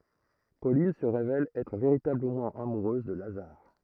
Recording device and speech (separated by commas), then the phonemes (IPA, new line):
throat microphone, read sentence
polin sə ʁevɛl ɛtʁ veʁitabləmɑ̃ amuʁøz də lazaʁ